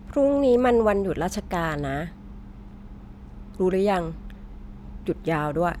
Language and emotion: Thai, neutral